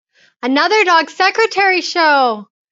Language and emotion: English, happy